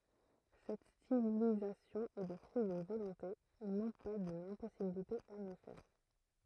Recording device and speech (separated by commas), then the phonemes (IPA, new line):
throat microphone, read sentence
sɛt stilizasjɔ̃ ɛ lə fʁyi dyn volɔ̃te nɔ̃ pa dyn ɛ̃pɔsibilite a mjø fɛʁ